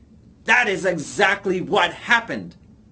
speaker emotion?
angry